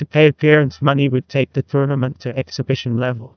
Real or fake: fake